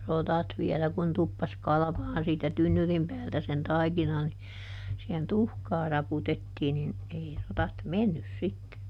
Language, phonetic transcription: Finnish, ˈrotat ˈviɛlä kun tuppas ˈkalᵃvaan siitä "tynnyrim päältä sen "taikina ni , sihen "tuhkaa ˈraputettii nin , ˈei rotat "mennys ˈsitte .
- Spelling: rotat vielä kun tuppasi kalvamaan siitä tynnyrin päältä sen taikina niin siihen tuhkaa raputettiin niin ei rotat mennyt sitten

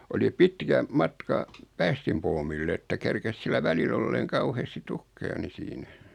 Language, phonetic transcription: Finnish, oli 'pitkä , 'matka , 'päästimpoomill ‿että 'kerkes sillä 'välil ‿olleeŋ 'kauheesti "tukkeja ni 'siinä ,.
- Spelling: oli pitkä matka päästinpuomille että kerkisi sillä välillä olemaan kauheasti tukkeja niin siinä

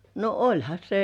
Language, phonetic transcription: Finnish, no "oĺha 'se .
- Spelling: no olihan se

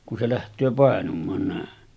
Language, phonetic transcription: Finnish, ku se läht̀öö 'pàenum̆maan nä̀en .
- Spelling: kun se lähtee painumaan näin

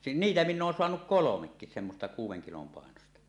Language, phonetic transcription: Finnish, si- "niitä minn ‿oon soanuk "kolomekkis semmosta 'kuuw̆weŋ kilom pàenosta .
- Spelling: - niitä minä olen saanut kolmekin semmoista kuuden kilon painoista

